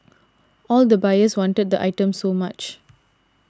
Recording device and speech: standing microphone (AKG C214), read sentence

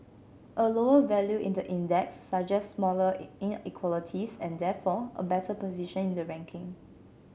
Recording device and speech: mobile phone (Samsung C7), read sentence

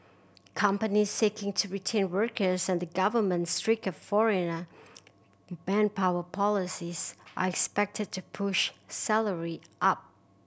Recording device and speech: boundary microphone (BM630), read sentence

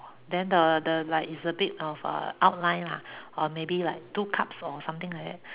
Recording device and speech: telephone, conversation in separate rooms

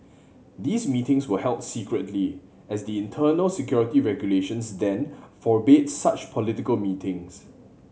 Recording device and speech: mobile phone (Samsung C7100), read sentence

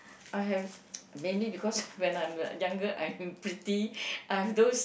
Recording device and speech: boundary microphone, conversation in the same room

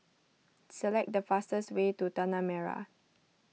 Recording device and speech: mobile phone (iPhone 6), read sentence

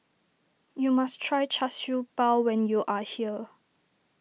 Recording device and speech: mobile phone (iPhone 6), read sentence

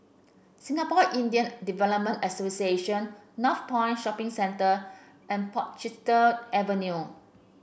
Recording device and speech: boundary microphone (BM630), read sentence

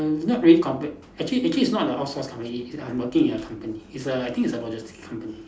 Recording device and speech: standing microphone, conversation in separate rooms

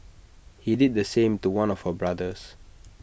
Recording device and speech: boundary microphone (BM630), read sentence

